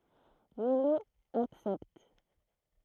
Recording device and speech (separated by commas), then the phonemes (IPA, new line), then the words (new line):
throat microphone, read sentence
milo aksɛpt
Milhaud accepte.